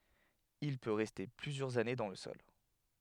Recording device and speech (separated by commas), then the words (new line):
headset microphone, read sentence
Il peut rester plusieurs années dans le sol.